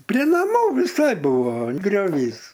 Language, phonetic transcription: Lithuanian, prė naˈmų viˈsai ˈbuvo grioˈvys

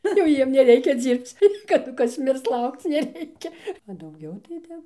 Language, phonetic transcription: Lithuanian, ˈnu jau ˈjiem neˈreikia ˈdzyrbc kaˈdu ˈkas ˈmirs ˈlaukc neˈreikia a dauˈgiau tai ˈtep

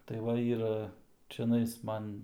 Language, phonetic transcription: Lithuanian, tai ˈva ˈyra čiaˈnais ˈman

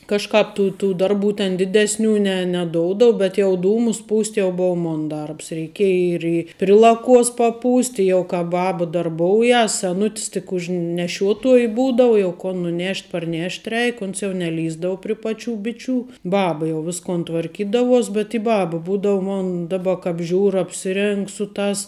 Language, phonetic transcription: Lithuanian, kažˈkāp ˈtų tų ˈdarˌbų ten ˈdiˌdesˌnių ne neˈdoudav bet jau ˈdūmus ˈpūst' jau ˈbou ˈmon ˈdarbs reiˈkiej ir i pri ˈlaˌkuos paˈpūst' i ˈjau ka ˈbab darˈboujas seˈnut's tik už neˈšiuotuoj ˈbūdav jau kon nuˈnešt' parˈnešt' ˈreik ˈons jau neˈlįsdavo pri ˈpaˌčių ˈbiˌčių ˈbaba jau ˈviskon tvarˈkydavuos bet i ˈbaba ˈbūdav ˈmon ˈdaˌba ˈkāp ˈžiūr apsiˈrėng ˈsu ˌtās

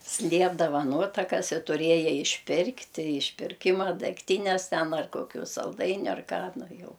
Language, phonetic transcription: Lithuanian, ˈsliepdava ˈnuotakas i tuˈrieja išˈpirkti išpirˈkima degˈtynes ˈten ar ˈkokiu salˈdainiu ar ˈką ˈnu ˈjau

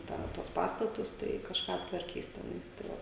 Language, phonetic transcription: Lithuanian, ˈtą tuos ˈpastatus tai kažˈką aptvarˈkys teˈnais tai ˈva

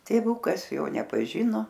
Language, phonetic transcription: Lithuanian, tėˈvukas ˈjo nepaˈžino

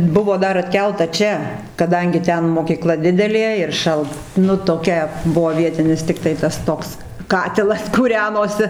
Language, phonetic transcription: Lithuanian, ˈbuvo ˈdar atˈkelta ˈčia kaˈdangi ˈten mokyˈkla ˈdidelė ir ˈšalt ˈnu toˈkia ˈbuvo ˈvietinis tikˈtai tas ˈtoks ˈkatilas kūˈrenosi

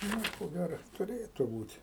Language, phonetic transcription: Lithuanian, ˈnu i ko ˈgæro tuˈrėtu ˈbūt'

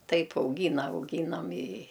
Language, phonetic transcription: Lithuanian, ˈtaip auˈgyna auˈgynam i

